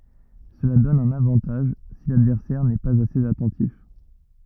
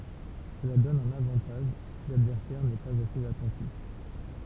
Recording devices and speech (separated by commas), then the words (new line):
rigid in-ear microphone, temple vibration pickup, read sentence
Cela donne un avantage si l'adversaire n'est pas assez attentif.